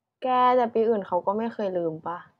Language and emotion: Thai, frustrated